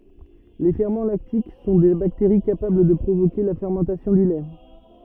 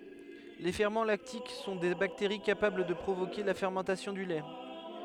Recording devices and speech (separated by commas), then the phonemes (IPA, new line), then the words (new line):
rigid in-ear microphone, headset microphone, read sentence
le fɛʁmɑ̃ laktik sɔ̃ de bakteʁi kapabl də pʁovoke la fɛʁmɑ̃tasjɔ̃ dy lɛ
Les ferments lactiques sont des bactéries capables de provoquer la fermentation du lait.